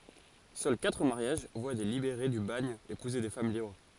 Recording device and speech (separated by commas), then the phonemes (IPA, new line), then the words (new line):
forehead accelerometer, read sentence
sœl katʁ maʁjaʒ vwa de libeʁe dy baɲ epuze de fam libʁ
Seuls quatre mariages voient des libérés du bagne épouser des femmes libres.